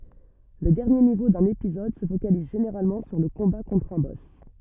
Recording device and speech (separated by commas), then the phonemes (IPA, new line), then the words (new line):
rigid in-ear microphone, read sentence
lə dɛʁnje nivo dœ̃n epizɔd sə fokaliz ʒeneʁalmɑ̃ syʁ lə kɔ̃ba kɔ̃tʁ œ̃ bɔs
Le dernier niveau d’un épisode se focalise généralement sur le combat contre un boss.